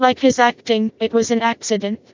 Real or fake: fake